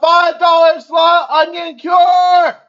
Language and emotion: English, neutral